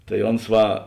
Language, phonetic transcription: Lithuanian, tai ˈons ˈva

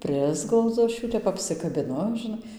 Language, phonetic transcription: Lithuanian, ˈprisglaudzu ˈaš ˈjų tep ˌapsikabiˈnu žiˈnai

